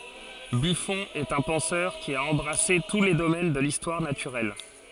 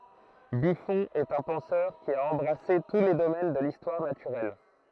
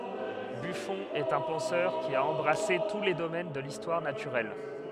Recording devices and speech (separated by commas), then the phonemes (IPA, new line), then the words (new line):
forehead accelerometer, throat microphone, headset microphone, read sentence
byfɔ̃ ɛt œ̃ pɑ̃sœʁ ki a ɑ̃bʁase tu le domɛn də listwaʁ natyʁɛl
Buffon est un penseur qui a embrassé tous les domaines de l'histoire naturelle.